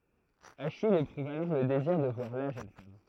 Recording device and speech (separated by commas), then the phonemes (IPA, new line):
throat microphone, read sentence
aʃij epʁuv alɔʁ lə deziʁ də vwaʁ la ʒøn fam